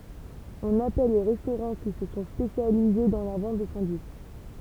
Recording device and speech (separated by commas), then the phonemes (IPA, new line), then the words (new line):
temple vibration pickup, read sentence
ɔ̃n apɛl le ʁɛstoʁɑ̃ ki sə sɔ̃ spesjalize dɑ̃ la vɑ̃t də sɑ̃dwitʃ
On appelle les restaurants qui se sont spécialisés dans la vente de sandwichs.